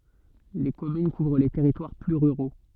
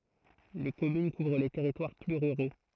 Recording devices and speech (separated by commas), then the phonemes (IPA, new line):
soft in-ear microphone, throat microphone, read sentence
le kɔmyn kuvʁ le tɛʁitwaʁ ply ʁyʁo